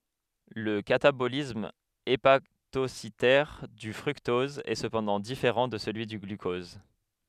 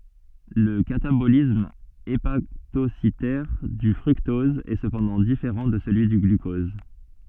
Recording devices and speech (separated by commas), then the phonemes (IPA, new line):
headset microphone, soft in-ear microphone, read sentence
lə katabolism epatositɛʁ dy fʁyktɔz ɛ səpɑ̃dɑ̃ difeʁɑ̃ də səlyi dy ɡlykɔz